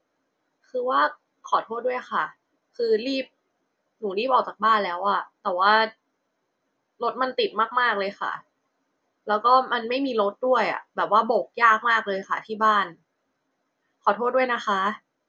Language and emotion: Thai, frustrated